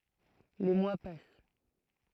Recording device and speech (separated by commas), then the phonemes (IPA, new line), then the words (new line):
throat microphone, read sentence
le mwa pas
Les mois passent.